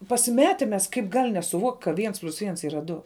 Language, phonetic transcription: Lithuanian, pasiˈmeti mes ˈkaip ˈgal' nesuˈvuokt' ka ˈviens plius ˈviens ˈyra ˈdu

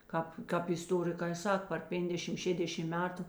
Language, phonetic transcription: Lithuanian, ˈkāp ˈkāp isˈtorikai ˈsak par ˈpenkdešim ˈšėdešim ˈmetu

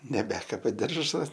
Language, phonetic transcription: Lithuanian, neˈbekaba ˈdiržas

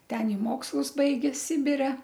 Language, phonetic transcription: Lithuanian, ˈten i ˈmokslus ˈbaigė ˈsibire

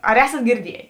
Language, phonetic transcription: Lithuanian, ar ˈesat girˈdiejė

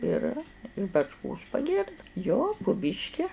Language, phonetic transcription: Lithuanian, ˈir iš bačˈkos paˈgirdai jo pu ˈbyški

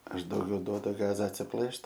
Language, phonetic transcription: Lithuanian, ˈaš dauˈgiau ˈduodu ˈgaza atsiˈplɘšt

